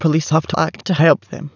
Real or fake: fake